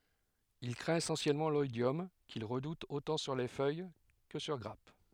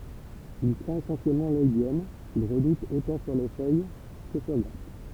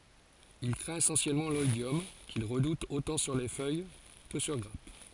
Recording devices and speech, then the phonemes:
headset microphone, temple vibration pickup, forehead accelerometer, read sentence
il kʁɛ̃t esɑ̃sjɛlmɑ̃ lɔidjɔm kil ʁədut otɑ̃ syʁ fœj kə syʁ ɡʁap

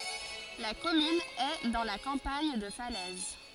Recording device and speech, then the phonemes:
forehead accelerometer, read sentence
la kɔmyn ɛ dɑ̃ la kɑ̃paɲ də falɛz

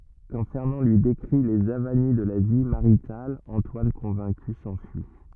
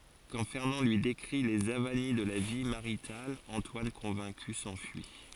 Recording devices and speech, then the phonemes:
rigid in-ear microphone, forehead accelerometer, read sentence
kɑ̃ fɛʁnɑ̃ lyi dekʁi lez avani də la vi maʁital ɑ̃twan kɔ̃vɛ̃ky sɑ̃fyi

